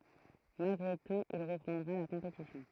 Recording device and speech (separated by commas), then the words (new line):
throat microphone, read sentence
Malgré tout il reprendra la compétition.